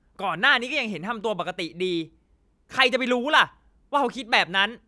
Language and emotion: Thai, angry